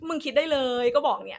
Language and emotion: Thai, frustrated